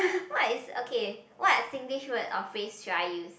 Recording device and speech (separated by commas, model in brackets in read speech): boundary microphone, conversation in the same room